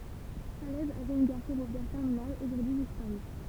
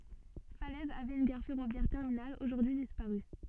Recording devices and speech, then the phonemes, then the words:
temple vibration pickup, soft in-ear microphone, read sentence
falɛz avɛt yn ɡaʁ fɛʁovjɛʁ tɛʁminal oʒuʁdyi dispaʁy
Falaise avait une gare ferroviaire terminale, aujourd'hui disparue.

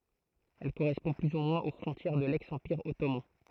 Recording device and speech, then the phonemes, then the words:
throat microphone, read sentence
ɛl koʁɛspɔ̃ ply u mwɛ̃z o fʁɔ̃tjɛʁ də lɛks ɑ̃piʁ ɔtoman
Elle correspond plus ou moins aux frontières de l'ex-Empire ottoman.

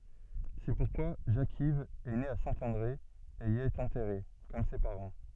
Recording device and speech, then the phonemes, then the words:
soft in-ear microphone, read sentence
sɛ puʁkwa ʒakiv ɛ ne a sɛ̃ɑ̃dʁe e i ɛt ɑ̃tɛʁe kɔm se paʁɑ̃
C'est pourquoi Jacques-Yves est né à Saint-André et y est enterré, comme ses parents.

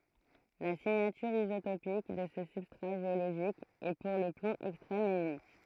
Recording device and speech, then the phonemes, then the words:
throat microphone, read sentence
la siɲatyʁ izotopik də sə sybstʁa ʒeoloʒik ɛ puʁ lə plɔ̃ ɛkstʁɛm e ynik
La signature isotopique de ce substrat géologique est pour le plomb extrême et unique.

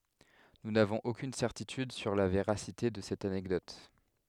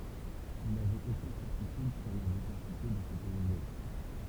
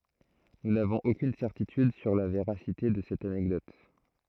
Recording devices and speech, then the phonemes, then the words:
headset microphone, temple vibration pickup, throat microphone, read sentence
nu navɔ̃z okyn sɛʁtityd syʁ la veʁasite də sɛt anɛkdɔt
Nous n'avons aucune certitude sur la véracité de cette anecdote.

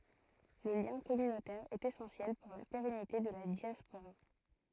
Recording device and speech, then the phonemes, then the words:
throat microphone, read sentence
lə ljɛ̃ kɔmynotɛʁ ɛt esɑ̃sjɛl puʁ la peʁɛnite də la djaspoʁa
Le lien communautaire est essentiel pour la pérennité de la diaspora.

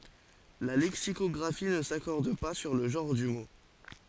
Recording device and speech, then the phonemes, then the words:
forehead accelerometer, read sentence
la lɛksikɔɡʁafi nə sakɔʁd pa syʁ lə ʒɑ̃ʁ dy mo
La lexicographie ne s’accorde pas sur le genre du mot.

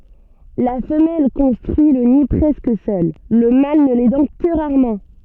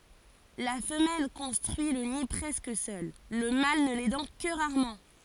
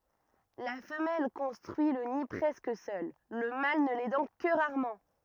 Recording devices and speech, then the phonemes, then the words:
soft in-ear microphone, forehead accelerometer, rigid in-ear microphone, read sentence
la fəmɛl kɔ̃stʁyi lə ni pʁɛskə sœl lə mal nə lɛdɑ̃ kə ʁaʁmɑ̃
La femelle construit le nid presque seule, le mâle ne l'aidant que rarement.

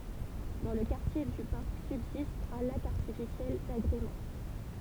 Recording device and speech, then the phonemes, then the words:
temple vibration pickup, read sentence
dɑ̃ lə kaʁtje dy paʁk sybzist œ̃ lak aʁtifisjɛl daɡʁemɑ̃
Dans le quartier du parc subsiste un lac artificiel d’agrément.

